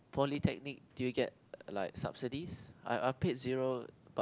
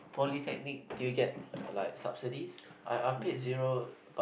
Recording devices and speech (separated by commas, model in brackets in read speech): close-talking microphone, boundary microphone, conversation in the same room